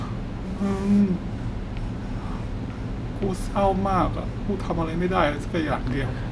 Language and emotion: Thai, sad